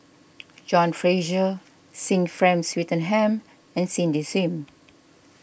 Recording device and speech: boundary microphone (BM630), read sentence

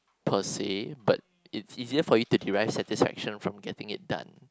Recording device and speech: close-talking microphone, conversation in the same room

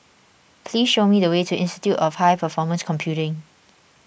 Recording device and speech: boundary microphone (BM630), read sentence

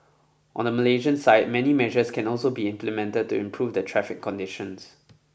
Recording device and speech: boundary microphone (BM630), read sentence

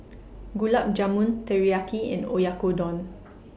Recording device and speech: boundary microphone (BM630), read sentence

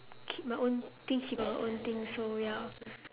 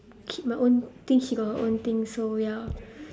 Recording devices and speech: telephone, standing microphone, conversation in separate rooms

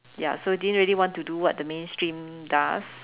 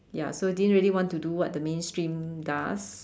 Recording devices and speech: telephone, standing microphone, conversation in separate rooms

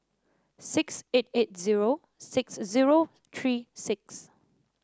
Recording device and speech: standing microphone (AKG C214), read sentence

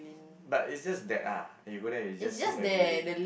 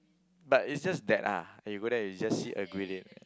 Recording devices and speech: boundary microphone, close-talking microphone, conversation in the same room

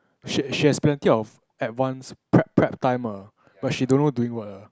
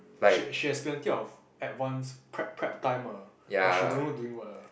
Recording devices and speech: close-talking microphone, boundary microphone, conversation in the same room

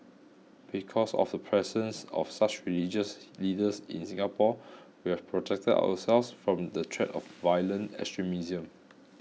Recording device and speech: mobile phone (iPhone 6), read sentence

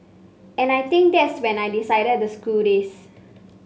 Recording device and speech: mobile phone (Samsung C5), read sentence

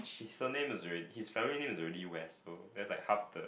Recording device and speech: boundary microphone, conversation in the same room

